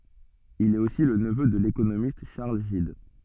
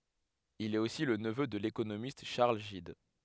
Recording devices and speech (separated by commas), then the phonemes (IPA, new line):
soft in-ear microphone, headset microphone, read sentence
il ɛt osi lə nəvø də lekonomist ʃaʁl ʒid